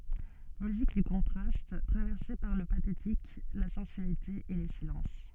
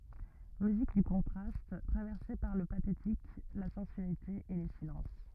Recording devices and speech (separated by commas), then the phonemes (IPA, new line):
soft in-ear microphone, rigid in-ear microphone, read sentence
myzik dy kɔ̃tʁast tʁavɛʁse paʁ lə patetik la sɑ̃syalite e le silɑ̃s